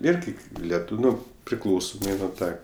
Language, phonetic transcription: Lithuanian, ˈirgi leˈtūv' ˈno priˈklausomai nu ˈtą

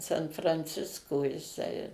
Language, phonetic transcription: Lithuanian, san franˈcisko jiˈsai

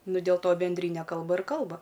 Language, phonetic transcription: Lithuanian, ˈnu dėl to benˈdryne ˈkalba ir ˈkalba

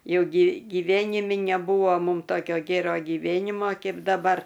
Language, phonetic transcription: Lithuanian, ˈjau gy gyˈvenimi neˈbūvo ˈmūm ˈtokio ˈgėro gyˈvėnimo ˈkeip daˈbar

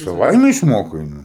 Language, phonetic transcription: Lithuanian, saˈvaime išˈmokai nu

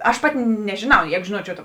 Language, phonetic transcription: Lithuanian, aš ˈpati nežiˈnau ˈjeigu žiˈnuočiau ta

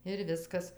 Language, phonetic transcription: Lithuanian, ir ˈviskas

